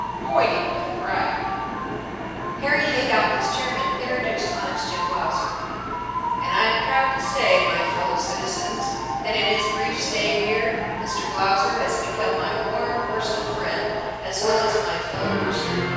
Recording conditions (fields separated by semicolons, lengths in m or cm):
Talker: one person; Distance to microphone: 7.1 m; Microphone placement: far; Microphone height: 1.7 m; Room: very reverberant, large; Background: television